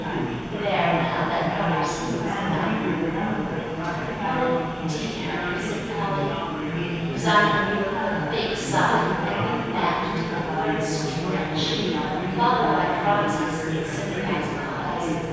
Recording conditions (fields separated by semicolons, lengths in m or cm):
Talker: one person; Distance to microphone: 7.1 m; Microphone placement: far; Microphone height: 1.7 m; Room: very reverberant, large; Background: babble